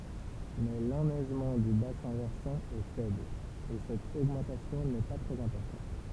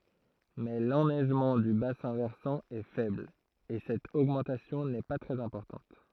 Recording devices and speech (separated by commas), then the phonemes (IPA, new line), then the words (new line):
temple vibration pickup, throat microphone, read sentence
mɛ lɛnɛʒmɑ̃ dy basɛ̃ vɛʁsɑ̃ ɛ fɛbl e sɛt oɡmɑ̃tasjɔ̃ nɛ pa tʁɛz ɛ̃pɔʁtɑ̃t
Mais l'enneigement du bassin versant est faible, et cette augmentation n'est pas très importante.